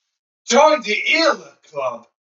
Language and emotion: English, disgusted